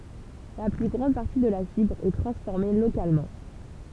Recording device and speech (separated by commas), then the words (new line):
temple vibration pickup, read sentence
La plus grande partie de la fibre est transformée localement.